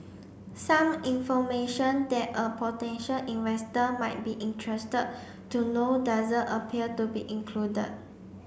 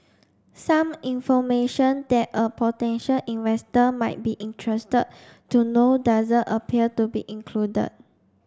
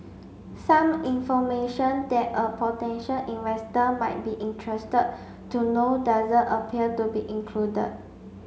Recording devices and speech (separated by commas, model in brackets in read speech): boundary microphone (BM630), standing microphone (AKG C214), mobile phone (Samsung C5), read sentence